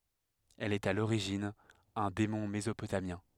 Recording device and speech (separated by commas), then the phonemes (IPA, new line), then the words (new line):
headset microphone, read sentence
ɛl ɛt a loʁiʒin œ̃ demɔ̃ mezopotamjɛ̃
Elle est à l'origine un démon mésopotamien.